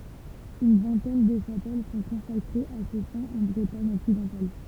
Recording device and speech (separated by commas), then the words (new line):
temple vibration pickup, read sentence
Une vingtaine de chapelles sont consacrées à ce saint en Bretagne occidentale.